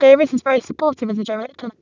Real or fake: fake